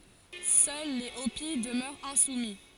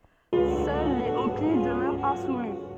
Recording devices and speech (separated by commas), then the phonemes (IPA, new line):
forehead accelerometer, soft in-ear microphone, read sentence
sœl le opi dəmœʁt ɛ̃sumi